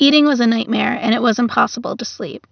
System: none